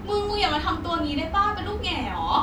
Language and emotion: Thai, frustrated